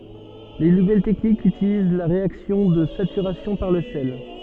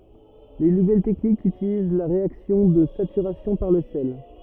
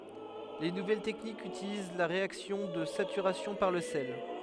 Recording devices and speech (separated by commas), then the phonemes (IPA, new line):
soft in-ear microphone, rigid in-ear microphone, headset microphone, read sentence
le nuvɛl tɛknikz ytiliz la ʁeaksjɔ̃ də satyʁasjɔ̃ paʁ lə sɛl